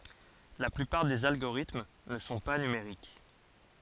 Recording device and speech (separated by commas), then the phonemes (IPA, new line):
forehead accelerometer, read sentence
la plypaʁ dez alɡoʁitm nə sɔ̃ pa nymeʁik